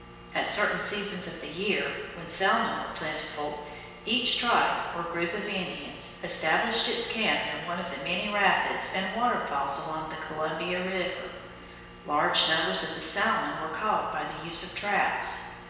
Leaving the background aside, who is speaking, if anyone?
One person.